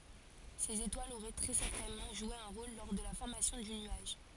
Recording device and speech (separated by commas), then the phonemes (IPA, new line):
forehead accelerometer, read sentence
sez etwalz oʁɛ tʁɛ sɛʁtɛnmɑ̃ ʒwe œ̃ ʁol lɔʁ də la fɔʁmasjɔ̃ dy nyaʒ